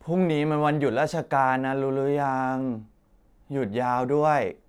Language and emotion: Thai, frustrated